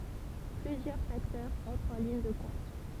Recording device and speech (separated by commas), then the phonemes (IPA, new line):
temple vibration pickup, read sentence
plyzjœʁ faktœʁz ɑ̃tʁt ɑ̃ liɲ də kɔ̃t